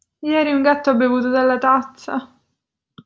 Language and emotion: Italian, fearful